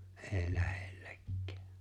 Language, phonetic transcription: Finnish, ’e̬e̬ⁱ 'lähᴇʟʟᴇkkᴀ̈ᴀ̈ .
- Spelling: ei lähellekään

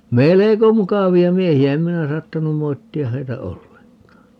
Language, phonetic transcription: Finnish, "meleko 'mukavi₍a 'miehi₍ä - 'em minä 'saattanum 'moitti₍a 'heitä "olleŋk̀aa .
- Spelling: melko mukavia miehiä en minä saattanut moittia heitä ollenkaan

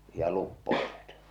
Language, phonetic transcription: Finnish, ja luppo(ilivat) .
- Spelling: ja luppoilivat

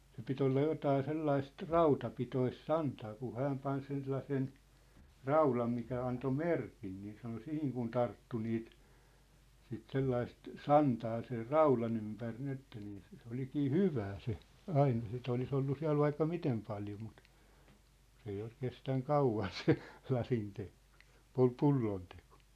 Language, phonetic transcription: Finnish, se pit ‿olla 'jotaa 'sellaist , "rautapitois "santaa ku 'hääm pan sen sellasen , "raulam mikä anto "merkin niin sano "sihiŋ kun 'tarttu niit , sit 'sellaist , "santaa ser "raulan ‿ympär 'nin ‿että nii se , se 'olikii "hyvää se , 'aine sit ‿olis ‿ollu 'siä̭l vaikka 'mitem paljo mut , 's ‿ei ol 'kestäŋ "kauvan se , 'lasinte(kᴏ) , 'pul- "pullontᴇkᴏ .
- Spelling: se piti olla jotakin sellaista rautapitoista santaa kun hän pani sen sellaisen raudan mikä antoi merkin niin sanoi siihen kun tarttui niitä sitten sellaista santaa sen raudan ympäri niin että niin se se olikin hyvää se aine sitten olisi ollut siellä vaikka miten paljon mutta se ei ole kestänyt kauan se lasinteko - pullonteko

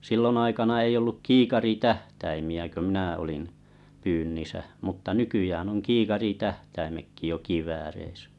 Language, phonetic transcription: Finnish, 'sillon aikana ei olluk "kiikari"tähtäimi₍ä kö 'mĭnä̀ olin , 'pyynnisä mutta "nykyjään oŋ "kiikari 'tähtäimekki jo "kivääreisᴀ̈ .
- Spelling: silloin aikana ei ollut kiikaritähtäimiä kun minä olin pyynnissä mutta nykyään on kiikaritähtäimetkin jo kivääreissä

